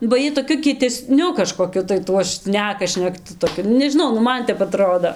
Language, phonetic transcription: Lithuanian, ba ˈjiej toˈkiu kieteˈsniu kažkoˈkiu tai ˈtuo ˈšneka šnekˈtu toˈkiu nu nežiˈnau nu ˈman ˈtep aˈtrodo

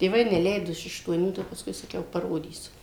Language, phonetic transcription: Lithuanian, tėˈvai neˈleido iš aštuoˈnių ˈtai jau pasˈkui saˈkiau paˈrodysiu

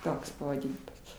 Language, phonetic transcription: Lithuanian, ˈtoks pavaˈdinimas

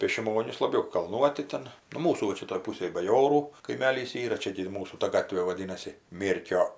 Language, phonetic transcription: Lithuanian, pė šiˈmonis laˈbiau kalˈnuoti ˈten nu ˈmūsų va ˈčia toj ˈpūsėj baˈjorų kaiˈmelys ˈyra ˈčia gi ir ˈmūsų ta ˈgatvė vaˈdynasi ˈmėrkio

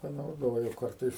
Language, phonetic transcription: Lithuanian, panauˈdoju ˈkartais

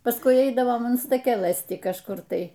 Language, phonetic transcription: Lithuanian, pasˈkui ˈeidavom an staˈkelɘs ˈti kažˈkur ˈtai

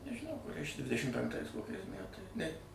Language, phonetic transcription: Lithuanian, nežiˈnau kuˈriais čia ˈdvidešim penkˈtais ˈkokiais ˈmætai ˈne

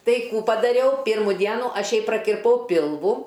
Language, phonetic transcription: Lithuanian, ˈtai ˈkų padaˈriau ˈpirmu ˈdienu ˈaš ˈjai prakirˈpau ˈpilvu

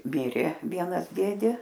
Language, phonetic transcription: Lithuanian, ˈmirė ˈvienas ˈdėdė

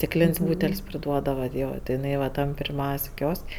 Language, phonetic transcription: Lithuanian, stikˈlėn's' ˈbūtel's' priˈduodava ˈjo ti iˈnai va ˈtam pirˈmiaus' ˈkios'k'

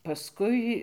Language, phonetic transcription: Lithuanian, paˈskui

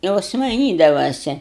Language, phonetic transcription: Lithuanian, ˈjos maiˈnydavase

